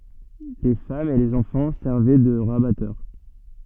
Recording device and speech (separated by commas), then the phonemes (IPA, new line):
soft in-ear microphone, read sentence
le famz e lez ɑ̃fɑ̃ sɛʁvɛ də ʁabatœʁ